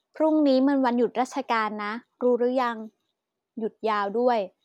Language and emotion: Thai, neutral